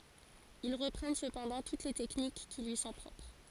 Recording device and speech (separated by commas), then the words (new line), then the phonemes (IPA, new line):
forehead accelerometer, read sentence
Ils reprennent cependant toutes les techniques qui lui sont propres.
il ʁəpʁɛn səpɑ̃dɑ̃ tut le tɛknik ki lyi sɔ̃ pʁɔpʁ